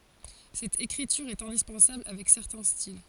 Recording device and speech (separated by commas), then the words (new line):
forehead accelerometer, read sentence
Cette écriture est indispensable avec certains styles.